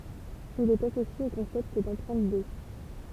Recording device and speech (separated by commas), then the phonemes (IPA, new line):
temple vibration pickup, read sentence
il ɛt asosje o kɔ̃sɛpt dɑ̃pʁɛ̃t o